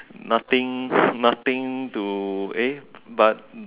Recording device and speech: telephone, conversation in separate rooms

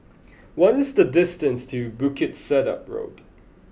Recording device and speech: boundary microphone (BM630), read sentence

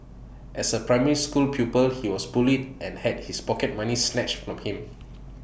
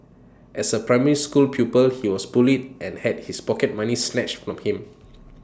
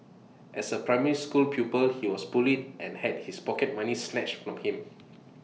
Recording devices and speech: boundary microphone (BM630), standing microphone (AKG C214), mobile phone (iPhone 6), read sentence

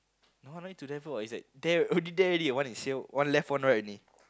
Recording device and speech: close-talking microphone, conversation in the same room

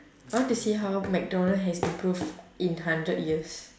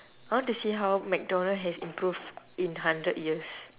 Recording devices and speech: standing microphone, telephone, conversation in separate rooms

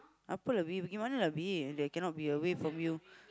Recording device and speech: close-talking microphone, conversation in the same room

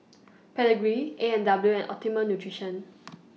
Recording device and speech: mobile phone (iPhone 6), read sentence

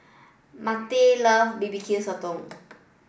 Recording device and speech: boundary microphone (BM630), read sentence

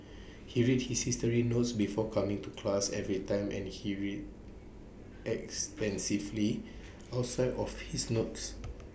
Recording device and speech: boundary microphone (BM630), read sentence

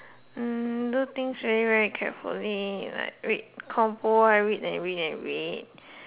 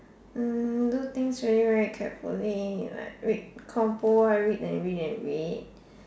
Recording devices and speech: telephone, standing microphone, conversation in separate rooms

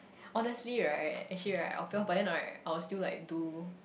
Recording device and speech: boundary microphone, conversation in the same room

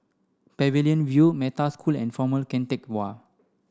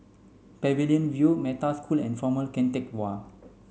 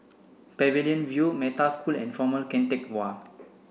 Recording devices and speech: standing microphone (AKG C214), mobile phone (Samsung C5), boundary microphone (BM630), read sentence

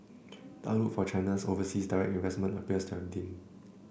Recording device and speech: boundary microphone (BM630), read sentence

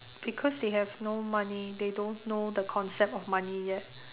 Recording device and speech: telephone, conversation in separate rooms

